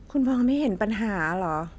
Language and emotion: Thai, frustrated